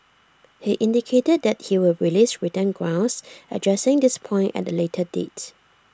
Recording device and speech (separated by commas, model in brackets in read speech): standing microphone (AKG C214), read sentence